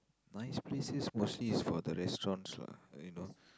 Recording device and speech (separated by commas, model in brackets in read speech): close-talking microphone, conversation in the same room